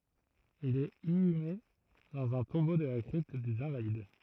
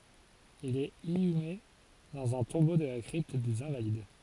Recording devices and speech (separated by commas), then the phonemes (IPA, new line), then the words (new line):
throat microphone, forehead accelerometer, read sentence
il ɛt inyme dɑ̃z œ̃ tɔ̃bo də la kʁipt dez ɛ̃valid
Il est inhumé dans un tombeau de la Crypte des Invalides.